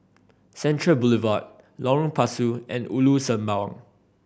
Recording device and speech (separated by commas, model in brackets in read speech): boundary microphone (BM630), read sentence